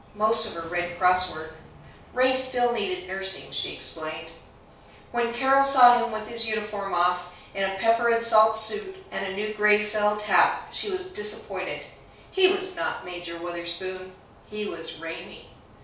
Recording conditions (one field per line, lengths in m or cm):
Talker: one person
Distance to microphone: 3.0 m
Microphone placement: far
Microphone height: 1.8 m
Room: small (3.7 m by 2.7 m)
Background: none